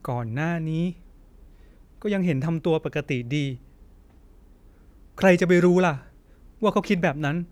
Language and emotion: Thai, sad